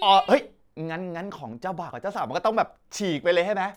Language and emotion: Thai, happy